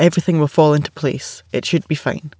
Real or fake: real